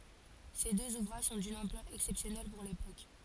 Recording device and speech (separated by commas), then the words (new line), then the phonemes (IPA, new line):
forehead accelerometer, read sentence
Ces deux ouvrages sont d'une ampleur exceptionnelle pour l'époque.
se døz uvʁaʒ sɔ̃ dyn ɑ̃plœʁ ɛksɛpsjɔnɛl puʁ lepok